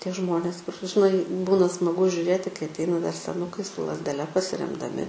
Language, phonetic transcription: Lithuanian, ˈtie ˈžmonės kur žiˈnai ˈbūna smaˈgu žiuˈrėti kai atˈeina dar seˈnukai su lazdeˈle pasiremdaˈmi

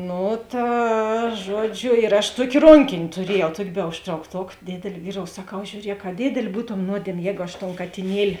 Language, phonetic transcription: Lithuanian, ˈnu ˈta ˈžuoˌdžiu ir aš ˈtuokė ˈronkėn' tuˈriejau ˈtuokė be užtraukˈtok ˈdėdėl' ˈvyˌrou saˈkau žiūˈriek a ˈdėdėl' ˈbūtom ˈnuodiemė ˈjēgu aš ton katiˈnieli

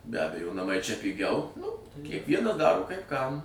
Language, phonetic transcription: Lithuanian, be ˈabejo naˈmai čia piˈgiau ˈnu kiekˈviena ˈdaro kaip kam

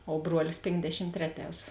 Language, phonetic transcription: Lithuanian, o ˈbruolis ˈpėnkdešim ˈtreˌtēs

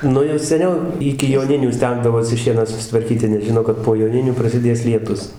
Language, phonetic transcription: Lithuanian, ˈnu jau seˈniau ˈiki joˈninių ˈstengdavosi ˈšieną susitvarˈkyti nes ˈžino kad po joˈninių prasiˈdės lieˈtus

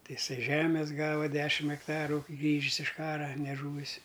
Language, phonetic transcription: Lithuanian, ˈtai iˈsai ˈžemes ˈgava ˈdešim ekˈtaru ˈgrįžis iš ˈkara neˈžūvis

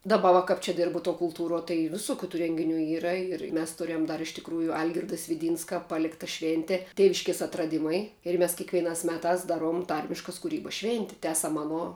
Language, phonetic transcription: Lithuanian, daˈba va kap ˈčia ˈdirbu tuo kulˈtūruo tai viˈsukiu tų ˈrengiˌnių ˈyra ir mes ˈturiam ˈdar iš tikˈrųju ˈalgirda sviˈdynska ˈpalikta ˈšvėnte ˈtėviškės atraˈdimai ir ˈmes kekvieˈnās ˈmetās ˈdaˌruom ˈtarmiškas kuˈrybas ˈšvėnti ˈtęsam ˈaˌno

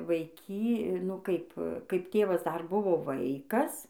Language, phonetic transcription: Lithuanian, vaiˈky nu ˈkaip kaip ˈtėvas dar ˈbuvo ˈvaikas

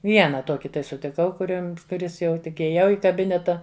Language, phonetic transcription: Lithuanian, ˈviena ˈtoki tai sutiˈkau kuˈrims kuˈris jau tik ijėˈjau i kaˈbineta

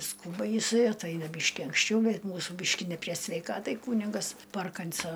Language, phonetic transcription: Lithuanian, ˈskūba jiˈsai atˈaina ˈbyški anksˈčiau ˈbet ˈmūsų ˈbyški ne prie sveiˈkatai ˈkūnigas ˈparkanˌso

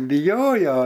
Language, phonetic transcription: Lithuanian, biˈjojo

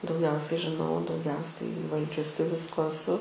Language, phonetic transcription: Lithuanian, dauˈgiausiai žiˈnau dauˈgiausiai įˈvaldžiusi ˈvisko eˈsu

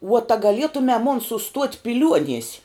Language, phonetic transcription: Lithuanian, vuot a gaˈlietume mon suˈstuot' piˈliuonies'

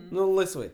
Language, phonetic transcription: Lithuanian, ˈnu laisˈvai

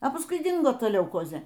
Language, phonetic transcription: Lithuanian, a pasˈkui ˈdingo ˈta leuˈkozė

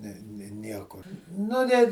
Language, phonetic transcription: Lithuanian, ne ni ˈniekur ˈnu net

